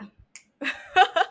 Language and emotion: Thai, happy